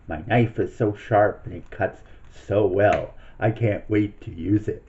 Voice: in sinister voice